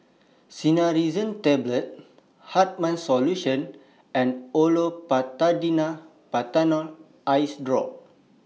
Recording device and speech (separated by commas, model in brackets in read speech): mobile phone (iPhone 6), read sentence